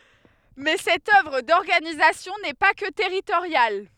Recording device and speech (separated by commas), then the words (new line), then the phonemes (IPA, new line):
headset microphone, read sentence
Mais cette œuvre d’organisation n’est pas que territoriale.
mɛ sɛt œvʁ dɔʁɡanizasjɔ̃ nɛ pa kə tɛʁitoʁjal